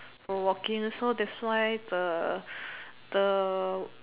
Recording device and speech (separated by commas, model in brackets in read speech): telephone, conversation in separate rooms